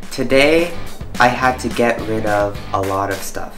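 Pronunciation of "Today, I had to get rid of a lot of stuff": The sentence is spoken with a lot of linking: neighbouring words flow together instead of being said separately.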